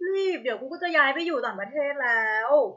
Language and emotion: Thai, happy